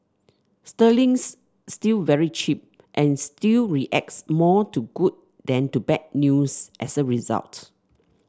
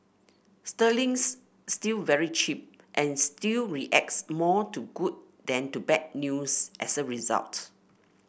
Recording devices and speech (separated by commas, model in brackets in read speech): standing microphone (AKG C214), boundary microphone (BM630), read sentence